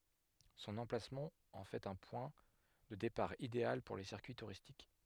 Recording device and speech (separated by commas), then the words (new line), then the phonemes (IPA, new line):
headset microphone, read sentence
Son emplacement en fait un point de départ idéal pour les circuits touristiques.
sɔ̃n ɑ̃plasmɑ̃ ɑ̃ fɛt œ̃ pwɛ̃ də depaʁ ideal puʁ le siʁkyi tuʁistik